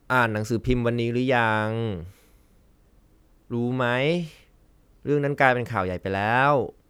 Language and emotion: Thai, frustrated